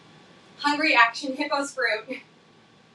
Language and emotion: English, happy